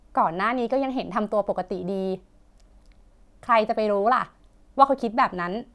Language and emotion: Thai, happy